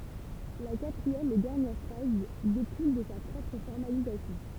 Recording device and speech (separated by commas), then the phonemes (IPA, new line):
temple vibration pickup, read sentence
la katʁiɛm e dɛʁnjɛʁ faz dekul də sa pʁɔpʁ fɔʁmalizasjɔ̃